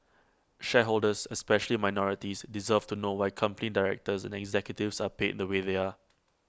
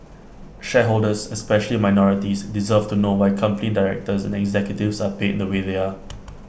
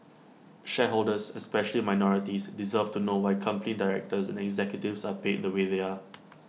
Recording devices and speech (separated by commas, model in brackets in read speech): close-talking microphone (WH20), boundary microphone (BM630), mobile phone (iPhone 6), read sentence